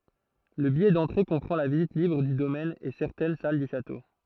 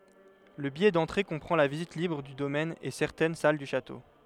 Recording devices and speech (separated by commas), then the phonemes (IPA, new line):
throat microphone, headset microphone, read sentence
lə bijɛ dɑ̃tʁe kɔ̃pʁɑ̃ la vizit libʁ dy domɛn e sɛʁtɛn sal dy ʃato